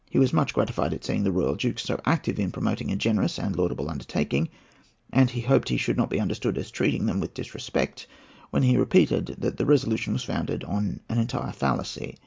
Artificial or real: real